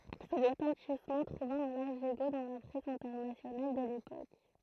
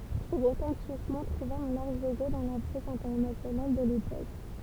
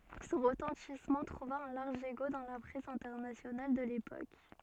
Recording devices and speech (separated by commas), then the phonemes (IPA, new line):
throat microphone, temple vibration pickup, soft in-ear microphone, read sentence
sɔ̃ ʁətɑ̃tismɑ̃ tʁuva œ̃ laʁʒ eko dɑ̃ la pʁɛs ɛ̃tɛʁnasjonal də lepok